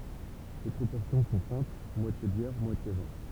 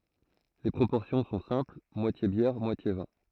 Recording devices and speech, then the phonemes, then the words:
temple vibration pickup, throat microphone, read sentence
le pʁopɔʁsjɔ̃ sɔ̃ sɛ̃pl mwatje bjɛʁ mwatje vɛ̃
Les proportions sont simple moitié bière, moitié vin.

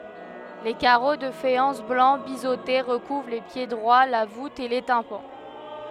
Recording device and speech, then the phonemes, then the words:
headset microphone, read sentence
le kaʁo də fajɑ̃s blɑ̃ bizote ʁəkuvʁ le pjedʁwa la vut e le tɛ̃pɑ̃
Les carreaux de faïence blancs biseautés recouvrent les piédroits, la voûte et les tympans.

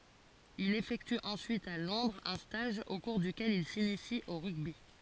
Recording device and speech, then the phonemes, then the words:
forehead accelerometer, read sentence
il efɛkty ɑ̃syit a lɔ̃dʁz œ̃ staʒ o kuʁ dykɛl il sinisi o ʁyɡbi
Il effectue ensuite à Londres un stage au cours duquel il s'initie au rugby.

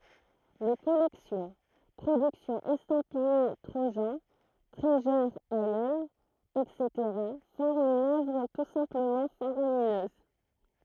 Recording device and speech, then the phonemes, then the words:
throat microphone, read sentence
le kɔlɛksjɔ̃ pʁodyksjɔ̃z ɛstɑ̃pije tʁoʒɑ̃ tʁizyʁ isl ɛtseteʁa fɔʁmt yn œvʁ tu sɛ̃pləmɑ̃ faʁaminøz
Les collections, productions estampillées Trojan, Treasure Isle, etc. forment une œuvre tout simplement faramineuse.

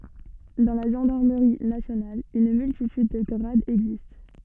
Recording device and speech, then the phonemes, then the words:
soft in-ear microphone, read sentence
dɑ̃ la ʒɑ̃daʁməʁi nasjonal yn myltityd də ɡʁadz ɛɡzist
Dans la gendarmerie nationale, une multitude de grades existe.

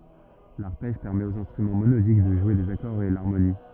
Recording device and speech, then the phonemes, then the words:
rigid in-ear microphone, read sentence
laʁpɛʒ pɛʁmɛt oz ɛ̃stʁymɑ̃ monodik də ʒwe dez akɔʁz e laʁmoni
L'arpège permet aux instruments monodiques de jouer des accords et l'harmonie.

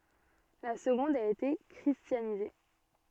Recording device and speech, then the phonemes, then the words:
soft in-ear microphone, read sentence
la səɡɔ̃d a ete kʁistjanize
La seconde a été christianisée.

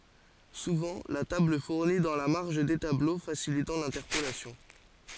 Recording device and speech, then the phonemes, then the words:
forehead accelerometer, read sentence
suvɑ̃ la tabl fuʁni dɑ̃ la maʁʒ de tablo fasilitɑ̃ lɛ̃tɛʁpolasjɔ̃
Souvent la table fournit dans la marge des tableaux facilitant l'interpolation.

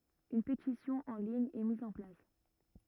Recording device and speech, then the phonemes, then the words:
rigid in-ear microphone, read sentence
yn petisjɔ̃ ɑ̃ liɲ ɛ miz ɑ̃ plas
Une pétition en ligne est mise en place.

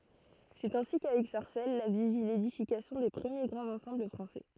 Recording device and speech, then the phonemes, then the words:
throat microphone, read sentence
sɛt ɛ̃si kavɛk saʁsɛl la vil vi ledifikasjɔ̃ de pʁəmje ɡʁɑ̃z ɑ̃sɑ̃bl fʁɑ̃sɛ
C'est ainsi qu'avec Sarcelles, la ville vit l'édification des premiers grands ensembles français.

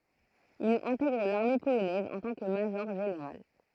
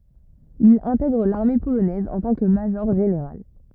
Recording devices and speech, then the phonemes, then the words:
throat microphone, rigid in-ear microphone, read sentence
il ɛ̃tɛɡʁ laʁme polonɛz ɑ̃ tɑ̃ kə maʒɔʁʒeneʁal
Il intègre l'armée polonaise en tant que major-général.

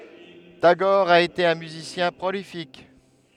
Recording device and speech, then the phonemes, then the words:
headset microphone, read sentence
taɡɔʁ a ete œ̃ myzisjɛ̃ pʁolifik
Tagore a été un musicien prolifique.

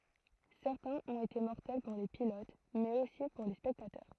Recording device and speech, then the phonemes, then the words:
throat microphone, read sentence
sɛʁtɛ̃z ɔ̃t ete mɔʁtɛl puʁ le pilot mɛz osi puʁ le spɛktatœʁ
Certains ont été mortels pour les pilotes, mais aussi pour les spectateurs.

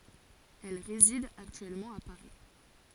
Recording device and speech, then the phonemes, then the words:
forehead accelerometer, read sentence
ɛl ʁezid aktyɛlmɑ̃ a paʁi
Elle réside actuellement à Paris.

